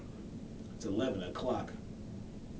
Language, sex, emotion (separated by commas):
English, male, neutral